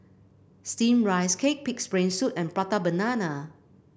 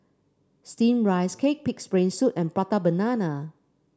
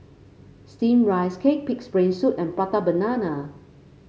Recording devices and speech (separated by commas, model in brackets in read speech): boundary microphone (BM630), standing microphone (AKG C214), mobile phone (Samsung C5), read sentence